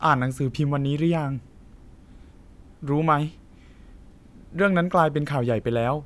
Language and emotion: Thai, neutral